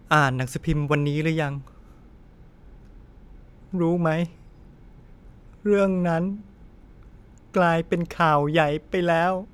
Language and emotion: Thai, sad